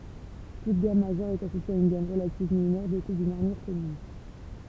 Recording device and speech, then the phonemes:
temple vibration pickup, read sentence
tut ɡam maʒœʁ ɛt asosje a yn ɡam ʁəlativ minœʁ dote dyn aʁmyʁ kɔmyn

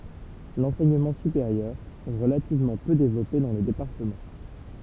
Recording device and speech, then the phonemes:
temple vibration pickup, read sentence
lɑ̃sɛɲəmɑ̃ sypeʁjœʁ ɛ ʁəlativmɑ̃ pø devlɔpe dɑ̃ lə depaʁtəmɑ̃

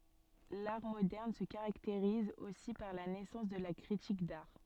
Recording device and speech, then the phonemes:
soft in-ear microphone, read sentence
laʁ modɛʁn sə kaʁakteʁiz osi paʁ la nɛsɑ̃s də la kʁitik daʁ

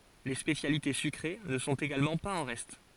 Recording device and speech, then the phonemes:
forehead accelerometer, read sentence
le spesjalite sykʁe nə sɔ̃t eɡalmɑ̃ paz ɑ̃ ʁɛst

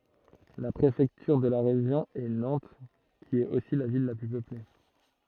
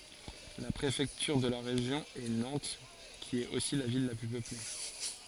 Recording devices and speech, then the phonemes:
throat microphone, forehead accelerometer, read sentence
la pʁefɛktyʁ də ʁeʒjɔ̃ ɛ nɑ̃t ki ɛt osi la vil la ply pøple

